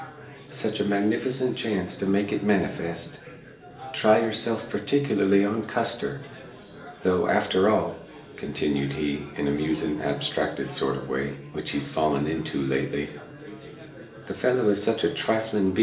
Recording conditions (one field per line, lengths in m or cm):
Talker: one person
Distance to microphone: 1.8 m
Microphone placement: close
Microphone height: 1.0 m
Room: large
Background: babble